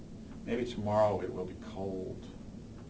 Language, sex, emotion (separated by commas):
English, male, neutral